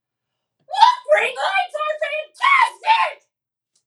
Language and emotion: English, angry